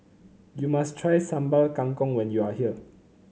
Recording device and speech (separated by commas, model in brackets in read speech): mobile phone (Samsung C9), read sentence